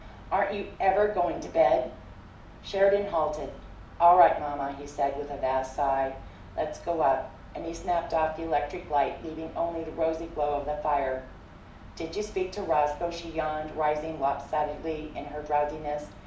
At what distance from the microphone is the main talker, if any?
2.0 m.